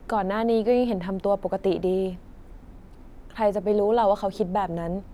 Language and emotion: Thai, frustrated